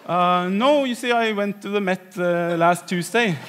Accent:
With Norwegian accent